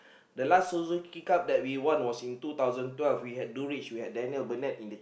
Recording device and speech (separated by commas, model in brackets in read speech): boundary microphone, conversation in the same room